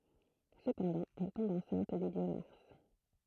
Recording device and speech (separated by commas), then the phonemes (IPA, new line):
throat microphone, read sentence
səpɑ̃dɑ̃ ɛl tɔ̃b ɑ̃sɛ̃t dy djø maʁs